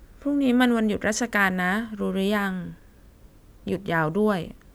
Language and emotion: Thai, frustrated